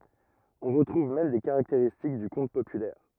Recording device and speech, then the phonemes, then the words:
rigid in-ear microphone, read sentence
ɔ̃ ʁətʁuv mɛm de kaʁakteʁistik dy kɔ̃t popylɛʁ
On retrouve même des caractéristiques du conte populaire.

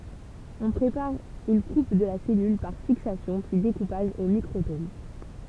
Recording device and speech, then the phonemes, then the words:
temple vibration pickup, read sentence
ɔ̃ pʁepaʁ yn kup də la sɛlyl paʁ fiksasjɔ̃ pyi dekupaʒ o mikʁotom
On prépare une coupe de la cellule, par fixation puis découpage au microtome.

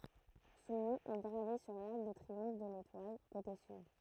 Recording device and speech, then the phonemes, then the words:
throat microphone, read sentence
sɔ̃ nɔ̃ ɛ ɡʁave syʁ laʁk də tʁiɔ̃f də letwal kote syd
Son nom est gravé sur l'arc de triomphe de l'Étoile, côté Sud.

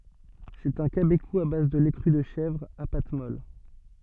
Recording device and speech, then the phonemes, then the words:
soft in-ear microphone, read sentence
sɛt œ̃ kabeku a baz də lɛ kʁy də ʃɛvʁ a pat mɔl
C'est un cabécou à base de lait cru de chèvre, à pâte molle.

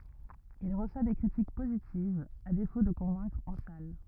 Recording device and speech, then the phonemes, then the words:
rigid in-ear microphone, read sentence
il ʁəswa de kʁitik pozitivz a defo də kɔ̃vɛ̃kʁ ɑ̃ sal
Il reçoit des critiques positives, à défaut de convaincre en salles.

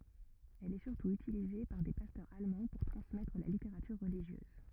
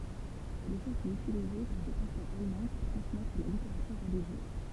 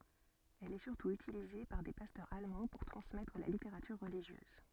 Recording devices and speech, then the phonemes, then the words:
rigid in-ear microphone, temple vibration pickup, soft in-ear microphone, read sentence
ɛl ɛ syʁtu ytilize paʁ de pastœʁz almɑ̃ puʁ tʁɑ̃smɛtʁ la liteʁatyʁ ʁəliʒjøz
Elle est surtout utilisée par des pasteurs allemands pour transmettre la littérature religieuse.

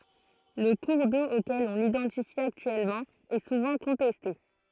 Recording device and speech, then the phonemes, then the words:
throat microphone, read sentence
lə kuʁ do okɛl ɔ̃ lidɑ̃tifi aktyɛlmɑ̃ ɛ suvɑ̃ kɔ̃tɛste
Le cours d'eau auquel on l'identifie actuellement est souvent contesté.

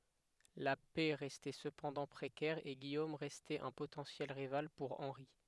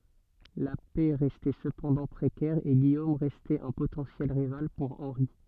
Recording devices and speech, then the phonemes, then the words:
headset microphone, soft in-ear microphone, read sentence
la pɛ ʁɛstɛ səpɑ̃dɑ̃ pʁekɛʁ e ɡijom ʁɛstɛt œ̃ potɑ̃sjɛl ʁival puʁ ɑ̃ʁi
La paix restait cependant précaire et Guillaume restait un potentiel rival pour Henri.

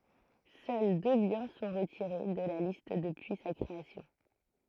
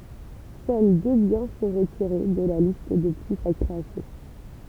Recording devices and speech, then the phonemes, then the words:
throat microphone, temple vibration pickup, read sentence
sœl dø bjɛ̃ sɔ̃ ʁətiʁe də la list dəpyi sa kʁeasjɔ̃
Seuls deux biens sont retirés de la liste depuis sa création.

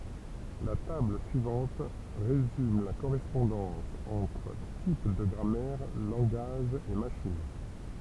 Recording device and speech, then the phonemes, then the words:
temple vibration pickup, read sentence
la tabl syivɑ̃t ʁezym la koʁɛspɔ̃dɑ̃s ɑ̃tʁ tip də ɡʁamɛʁ lɑ̃ɡaʒz e maʃin
La table suivante résume la correspondance entre types de grammaire, langages et machines.

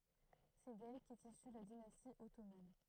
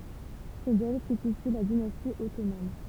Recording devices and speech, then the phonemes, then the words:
throat microphone, temple vibration pickup, read sentence
sɛ dɛl kɛt isy la dinasti ɔtoman
C'est d'elle qu'est issue la dynastie ottomane.

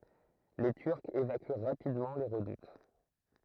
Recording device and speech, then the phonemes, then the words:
throat microphone, read sentence
le tyʁkz evaky ʁapidmɑ̃ le ʁədut
Les Turcs évacuent rapidement les redoutes.

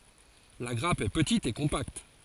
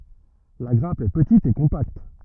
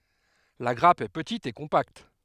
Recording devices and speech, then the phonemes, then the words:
forehead accelerometer, rigid in-ear microphone, headset microphone, read sentence
la ɡʁap ɛ pətit e kɔ̃pakt
La grappe est petite et compacte.

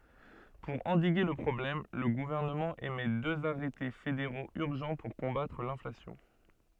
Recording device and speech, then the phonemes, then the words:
soft in-ear microphone, read sentence
puʁ ɑ̃diɡe lə pʁɔblɛm lə ɡuvɛʁnəmɑ̃ emɛ døz aʁɛte fedeʁoz yʁʒɑ̃ puʁ kɔ̃batʁ lɛ̃flasjɔ̃
Pour endiguer le problème, le gouvernement émet deux arrêtés fédéraux urgents pour combattre l’inflation.

